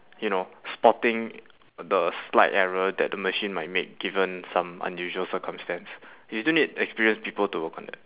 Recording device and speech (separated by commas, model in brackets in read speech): telephone, conversation in separate rooms